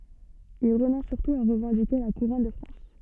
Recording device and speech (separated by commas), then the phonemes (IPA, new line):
soft in-ear microphone, read sentence
il ʁənɔ̃s syʁtu a ʁəvɑ̃dike la kuʁɔn də fʁɑ̃s